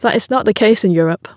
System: none